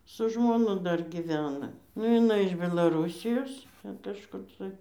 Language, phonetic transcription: Lithuanian, su žmoˈnu ˈdar giˈvena nu jiˈnai iš belaˈrūsijos ˈten kažˈkur tai

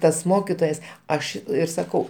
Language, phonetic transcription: Lithuanian, ˈtas ˈmokitojas ˈaš ˈir saˈkau

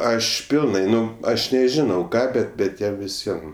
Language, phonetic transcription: Lithuanian, ˈaš ˈpilnai ˈnu ˈaš neˈžinau ˈką ˈbet bet ˈjam viˈsiem

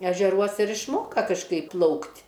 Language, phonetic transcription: Lithuanian, ežeˈruos ir išˈmoka kažˈkaip ˈplaukt'

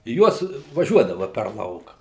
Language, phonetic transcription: Lithuanian, ˈjuos vaˈžiuodava per ˈlauka

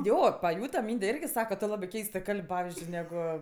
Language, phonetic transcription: Lithuanian, ˈjo paˈjūta ˈmynde ˈirgi ˈsaka tu ˈlabɜ ˈkeistɜ ˈkalb' ˈpavizdžiui ˈnegu

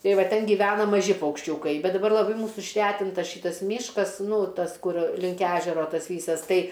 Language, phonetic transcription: Lithuanian, ˈtai ˈva ˈten giˈvena maˈži paukšˈčiūkai ˈbet daˈbar laˈbai ˈmūsu išˈretinta ˈšitas ˈmyškas ˈnū ˈtas ˈkur ˈlink ˈežero ˈtas ˈvysas ˈtai

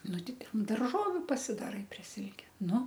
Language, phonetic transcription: Lithuanian, ˈnu ˈti ˈten darˈžoviu pasidaˈrai prie ˈsilke ˈnu

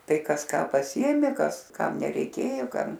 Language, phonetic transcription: Lithuanian, ˈtai ˈkas ˈką paˈsiėmė ˈkas ˈkam nereiˈkėjo ˈkam

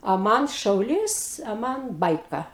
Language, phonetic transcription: Lithuanian, a ˈman ˈšaulys a ˈman ˈbaika

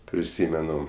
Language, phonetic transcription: Lithuanian, priˈsymenu

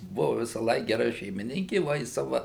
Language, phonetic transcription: Lithuanian, ˈbuvu visąˈlaik geˈra šeimiˈninki ˈva i ˈsava

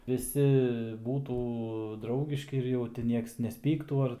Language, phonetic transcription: Lithuanian, viˈsi ˈbūtų ˈdraugiški ir jau ti ˈnieks nesˈpyktų ˈar

